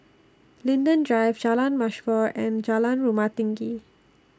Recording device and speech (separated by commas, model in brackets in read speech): standing microphone (AKG C214), read sentence